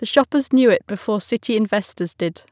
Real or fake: real